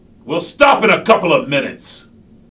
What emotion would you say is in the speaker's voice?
angry